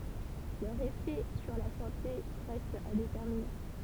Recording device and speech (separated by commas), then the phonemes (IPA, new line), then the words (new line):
temple vibration pickup, read sentence
lœʁz efɛ syʁ la sɑ̃te ʁɛstt a detɛʁmine
Leurs effets sur la santé restent à déterminer.